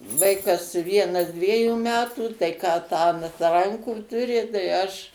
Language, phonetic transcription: Lithuanian, ˈvaikas ˈvienas ˈdviejų ˈmetų tai ˈką ˈtą ant ˈrankų tuˈri tai ˈaš

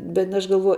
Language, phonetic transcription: Lithuanian, bet aš galˈvuoj

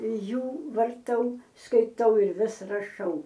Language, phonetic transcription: Lithuanian, ˈjų varˈtau skaiˈtau ir ˈvis raˈšau

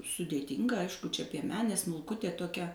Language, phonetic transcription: Lithuanian, sudėˈtinga ˈaišku čia pieˈmenė smulˈkutė toˈkia

